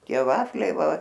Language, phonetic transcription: Lithuanian, ˈtie ˈvafliai ˈva

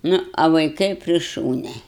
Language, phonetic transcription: Lithuanian, ˈnu a vaiˈkai pri ˈšūnia

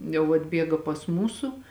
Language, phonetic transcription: Lithuanian, jau atˈbiega pas ˈmūsu

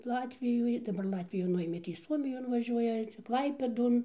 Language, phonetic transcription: Lithuanian, ˈlatvijoj daˈbar ˈlatvijų ˈnuėmė tai ˈsuomijon vaˈžiuoja ˈčia ˈklaipėdon

